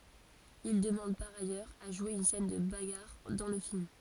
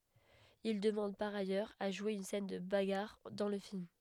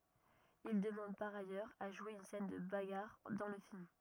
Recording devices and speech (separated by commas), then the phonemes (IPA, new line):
forehead accelerometer, headset microphone, rigid in-ear microphone, read sentence
il dəmɑ̃d paʁ ajœʁz a ʒwe yn sɛn də baɡaʁ dɑ̃ lə film